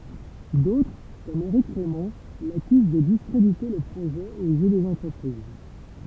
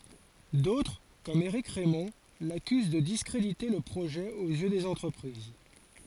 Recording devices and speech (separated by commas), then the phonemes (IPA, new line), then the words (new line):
temple vibration pickup, forehead accelerometer, read sentence
dotʁ kɔm eʁik ʁɛmɔ̃ lakyz də diskʁedite lə pʁoʒɛ oz jø dez ɑ̃tʁəpʁiz
D’autres comme Eric Raymond l’accusent de discréditer le projet aux yeux des entreprises.